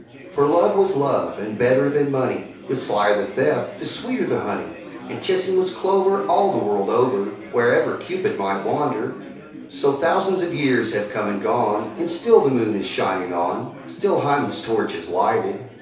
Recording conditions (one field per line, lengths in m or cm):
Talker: one person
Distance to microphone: 3.0 m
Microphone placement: far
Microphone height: 1.8 m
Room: small (3.7 m by 2.7 m)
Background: babble